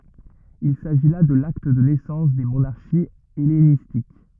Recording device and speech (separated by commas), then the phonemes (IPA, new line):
rigid in-ear microphone, read sentence
il saʒi la də lakt də nɛsɑ̃s de monaʁʃiz ɛlenistik